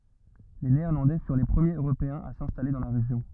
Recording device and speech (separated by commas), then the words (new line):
rigid in-ear microphone, read sentence
Les Néerlandais furent les premiers Européens à s'installer dans la région.